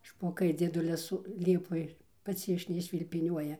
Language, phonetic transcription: Lithuanian, špoˈkai dzieˈdulis ˈliepoj ˈpats iš neiššvilpiˈniuoja

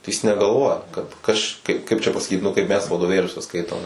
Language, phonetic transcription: Lithuanian, tai jis negalˈvoja kad ˈaš kaip ˈkaip čia pasaˈkyt nu ˈkaip ˈmes vadoˈvėliuose ˈskaitom

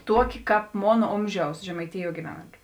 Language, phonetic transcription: Lithuanian, ˈtuoˌki ˈkāp ˈmon ˈomžiaus žemaiˈtijuo giˈvenantiu

